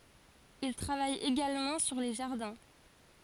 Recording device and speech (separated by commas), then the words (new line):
forehead accelerometer, read sentence
Il travaille également sur les jardins.